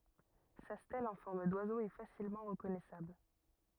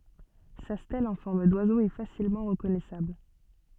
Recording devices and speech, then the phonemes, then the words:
rigid in-ear microphone, soft in-ear microphone, read sentence
sa stɛl ɑ̃ fɔʁm dwazo ɛ fasilmɑ̃ ʁəkɔnɛsabl
Sa stèle en forme d'oiseau est facilement reconnaissable.

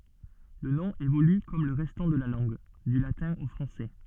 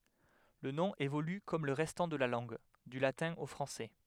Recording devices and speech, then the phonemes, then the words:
soft in-ear microphone, headset microphone, read sentence
lə nɔ̃ evoly kɔm lə ʁɛstɑ̃ də la lɑ̃ɡ dy latɛ̃ o fʁɑ̃sɛ
Le nom évolue comme le restant de la langue, du latin au français.

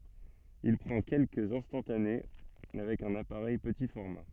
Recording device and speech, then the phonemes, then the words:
soft in-ear microphone, read sentence
il pʁɑ̃ kɛlkəz ɛ̃stɑ̃tane avɛk œ̃n apaʁɛj pəti fɔʁma
Il prend quelques instantanés avec un appareil petit format.

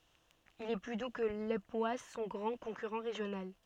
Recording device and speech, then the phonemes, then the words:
soft in-ear microphone, read sentence
il ɛ ply du kə lepwas sɔ̃ ɡʁɑ̃ kɔ̃kyʁɑ̃ ʁeʒjonal
Il est plus doux que l'époisses, son grand concurrent régional.

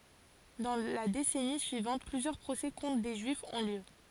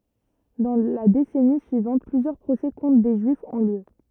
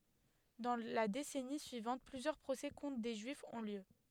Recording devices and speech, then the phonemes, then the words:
forehead accelerometer, rigid in-ear microphone, headset microphone, read sentence
dɑ̃ la desɛni syivɑ̃t plyzjœʁ pʁosɛ kɔ̃tʁ de ʒyifz ɔ̃ ljø
Dans la décennie suivante, plusieurs procès contre des Juifs ont lieu.

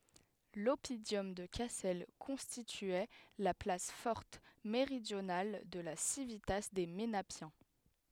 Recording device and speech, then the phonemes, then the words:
headset microphone, read sentence
lɔpidɔm də kasɛl kɔ̃stityɛ la plas fɔʁt meʁidjonal də la sivita de menapjɛ̃
L'oppidum de Cassel constituait la place forte méridionale de la civitas des Ménapiens.

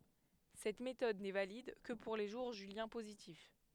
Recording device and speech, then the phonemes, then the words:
headset microphone, read sentence
sɛt metɔd nɛ valid kə puʁ le ʒuʁ ʒyljɛ̃ pozitif
Cette méthode n'est valide que pour les jours juliens positifs.

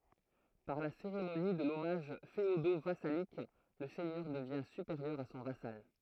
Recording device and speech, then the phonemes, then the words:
throat microphone, read sentence
paʁ la seʁemoni də lɔmaʒ feodovasalik lə sɛɲœʁ dəvjɛ̃ sypeʁjœʁ a sɔ̃ vasal
Par la cérémonie de l'hommage féodo-vassalique, le seigneur devient supérieur à son vassal.

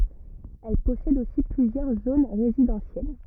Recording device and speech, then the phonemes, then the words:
rigid in-ear microphone, read sentence
ɛl pɔsɛd osi plyzjœʁ zon ʁezidɑ̃sjɛl
Elle possède aussi plusieurs zones résidentielles.

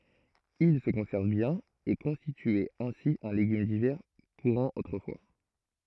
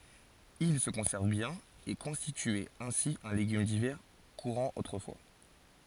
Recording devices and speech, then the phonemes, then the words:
throat microphone, forehead accelerometer, read sentence
il sə kɔ̃sɛʁv bjɛ̃n e kɔ̃stityɛt ɛ̃si œ̃ leɡym divɛʁ kuʁɑ̃ otʁəfwa
Ils se conservent bien et constituaient ainsi un légume d'hiver courant autrefois.

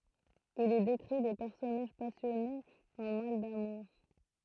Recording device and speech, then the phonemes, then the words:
throat microphone, read sentence
il i dekʁi de pɛʁsɔnaʒ pasjɔnez ɑ̃ mal damuʁ
Il y décrit des personnages passionnés en mal d'amour.

